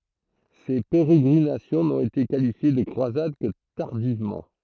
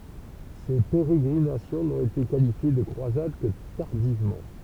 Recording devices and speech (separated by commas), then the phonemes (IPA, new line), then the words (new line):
throat microphone, temple vibration pickup, read sentence
se peʁeɡʁinasjɔ̃ nɔ̃t ete kalifje də kʁwazad kə taʁdivmɑ̃
Ces pérégrinations n'ont été qualifiées de croisades que tardivement.